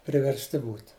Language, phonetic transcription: Lithuanian, priversˈti ˈbūt

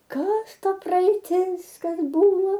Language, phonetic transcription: Lithuanian, ˈkas ˈta praeiˈtis ˈkas ˈbuvo

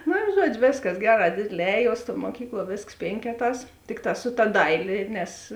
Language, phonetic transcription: Lithuanian, ˈnu i ˈžuodžiu ˈvėsˌkas ˈgeˌrā ˈdėdėˌlē ˈēˌjuos tuo muoˈkykluo ˈvėsks ˈpėnkeˌtās ˈtikˌtā su ta ˈdailė ˈnes

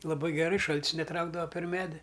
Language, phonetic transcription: Lithuanian, laˈbai geˈrai ˈšal't's neˈtraukdava per ˈmedi

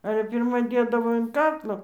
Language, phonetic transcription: Lithuanian, ˈale pirˈma ˈdėdavo in ˈkaklo

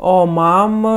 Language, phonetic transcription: Lithuanian, o ˈmam

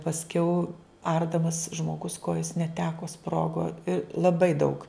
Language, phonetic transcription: Lithuanian, pasˈkiau ˈardamas žmoˈgus ˈkojos neˈteko ˈsprogo i laˈbai daug

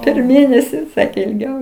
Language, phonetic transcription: Lithuanian, per ˈmėnesi ˈsakė ilˈgiau

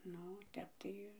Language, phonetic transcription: Lithuanian, ˈnu ˈtep tai

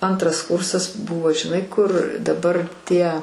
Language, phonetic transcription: Lithuanian, ˈantras ˈkursas ˈbuvo žiˈnai kur daˈbar ˈtie

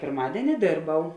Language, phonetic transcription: Lithuanian, pirˈmadieni ˈdėrˌbau

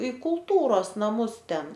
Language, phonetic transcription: Lithuanian, i kulˈtūros naˈmus ˈten

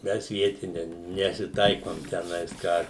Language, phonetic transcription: Lithuanian, ˈmes ˈvietine nesiˈtaikom teˈnais ˈką

